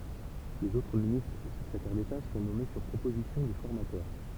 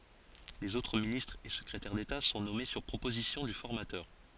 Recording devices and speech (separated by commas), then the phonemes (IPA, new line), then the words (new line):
temple vibration pickup, forehead accelerometer, read sentence
lez otʁ ministʁz e səkʁetɛʁ deta sɔ̃ nɔme syʁ pʁopozisjɔ̃ dy fɔʁmatœʁ
Les autres ministres et secrétaires d’État sont nommés sur proposition du formateur.